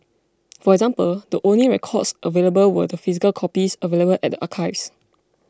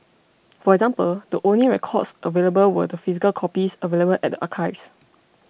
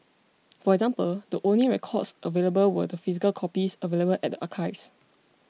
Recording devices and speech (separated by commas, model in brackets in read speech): close-talking microphone (WH20), boundary microphone (BM630), mobile phone (iPhone 6), read sentence